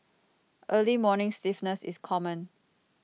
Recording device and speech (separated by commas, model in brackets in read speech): mobile phone (iPhone 6), read sentence